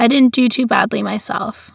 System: none